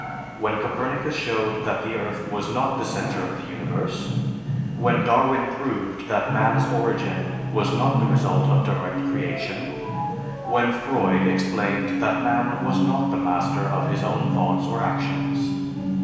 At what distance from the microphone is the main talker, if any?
1.7 m.